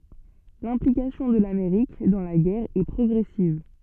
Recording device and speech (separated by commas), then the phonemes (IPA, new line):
soft in-ear microphone, read sentence
lɛ̃plikasjɔ̃ də lameʁik dɑ̃ la ɡɛʁ ɛ pʁɔɡʁɛsiv